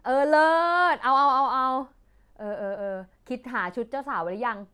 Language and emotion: Thai, happy